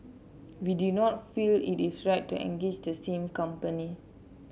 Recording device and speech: mobile phone (Samsung C7), read sentence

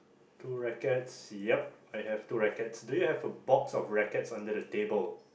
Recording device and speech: boundary microphone, conversation in the same room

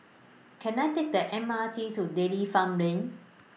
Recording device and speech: mobile phone (iPhone 6), read sentence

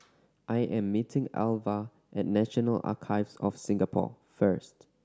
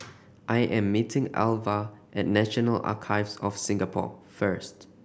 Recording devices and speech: standing microphone (AKG C214), boundary microphone (BM630), read sentence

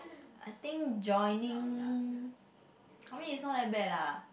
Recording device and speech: boundary microphone, conversation in the same room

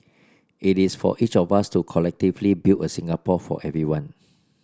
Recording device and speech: standing microphone (AKG C214), read sentence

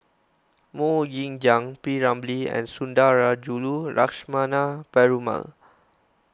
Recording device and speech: close-talking microphone (WH20), read sentence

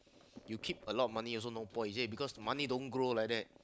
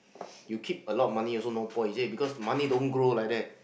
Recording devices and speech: close-talking microphone, boundary microphone, conversation in the same room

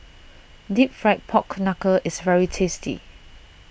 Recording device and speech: boundary microphone (BM630), read sentence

